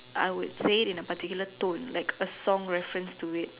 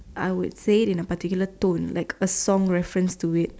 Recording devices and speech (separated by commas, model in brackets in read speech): telephone, standing microphone, conversation in separate rooms